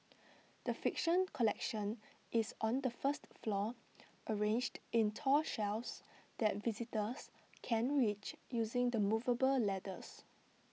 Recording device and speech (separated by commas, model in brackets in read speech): mobile phone (iPhone 6), read sentence